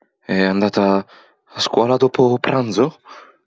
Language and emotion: Italian, fearful